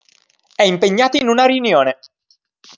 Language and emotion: Italian, angry